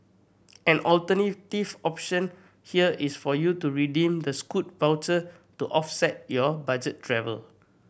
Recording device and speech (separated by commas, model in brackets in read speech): boundary microphone (BM630), read sentence